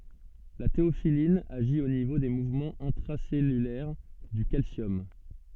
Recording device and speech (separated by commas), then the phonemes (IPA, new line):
soft in-ear microphone, read sentence
la teofilin aʒi o nivo de muvmɑ̃z ɛ̃tʁasɛlylɛʁ dy kalsjɔm